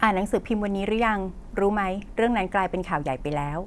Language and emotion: Thai, neutral